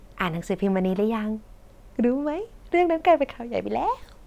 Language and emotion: Thai, happy